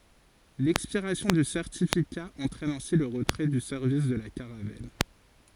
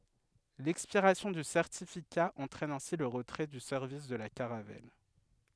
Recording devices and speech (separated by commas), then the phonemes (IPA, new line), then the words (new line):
forehead accelerometer, headset microphone, read sentence
lɛkspiʁasjɔ̃ dy sɛʁtifika ɑ̃tʁɛn ɛ̃si lə ʁətʁɛ dy sɛʁvis də la kaʁavɛl
L'expiration du certificat entraîne ainsi le retrait du service de la Caravelle.